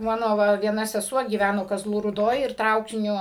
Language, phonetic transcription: Lithuanian, ˈmano ˈva vieˈna seˈsuo gyˈvæno kaˈzlų rūˈdoj ir ˈtraukiniu

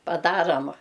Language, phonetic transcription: Lithuanian, paˈdaram

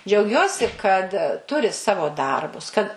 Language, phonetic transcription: Lithuanian, džiauˈgiuosi kad ˈturi ˈsavo ˈdarbus kad

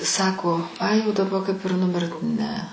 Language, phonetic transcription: Lithuanian, ˈsako ˈai jau daˈba kaip ir nuˈmirt ˈne

